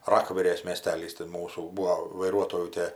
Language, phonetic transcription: Lithuanian, ˈrakverės mieˈstelys ti ˈmūsų ˈbūo vaiˈruotojų ˈtie

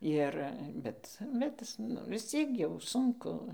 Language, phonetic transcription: Lithuanian, ˈir ˈbet bet ˈis nu visˈciek jau ˈsunku

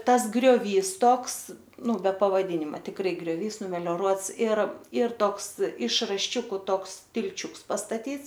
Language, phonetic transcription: Lithuanian, ˈtas grioˈvys ˈtoks ˈnu be pavaˈdynima tikˈrai grioˈvys numelioˈruots ir ir ˈtoks iš rašˈčiuku ˈtoks tilˈčiuks pastatyts

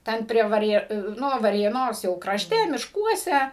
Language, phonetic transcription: Lithuanian, ˈten prie vaˈrė ˈnu varėˈnos jau krašˈte mišˈkuose

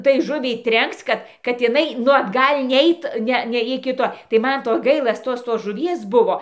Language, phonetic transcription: Lithuanian, tai ˈžuviai ˈtrenkc ˈkad kad iˈnai ˈnu atˈgal' ˈneit ˈne ˈne iki ˈto tai ˈman ˈto ˈgaila ˈtos tos žuˈvies ˈbuvo

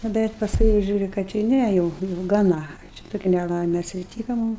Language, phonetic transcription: Lithuanian, nu ˈbet pasˈkui jau ˈžiūriu kad ju ˈnæ jau jau gaˈna ˈčia ˈtoki neˈlaime atsiˈtyka ˈmum

